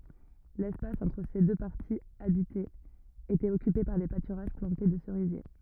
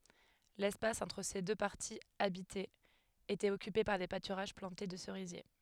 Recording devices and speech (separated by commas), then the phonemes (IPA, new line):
rigid in-ear microphone, headset microphone, read sentence
lɛspas ɑ̃tʁ se dø paʁtiz abitez etɛt ɔkype paʁ de patyʁaʒ plɑ̃te də səʁizje